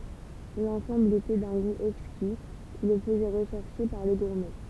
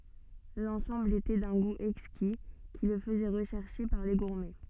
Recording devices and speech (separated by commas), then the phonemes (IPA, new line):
temple vibration pickup, soft in-ear microphone, read sentence
lɑ̃sɑ̃bl etɛ dœ̃ ɡu ɛkski ki lə fəzɛ ʁəʃɛʁʃe paʁ le ɡuʁmɛ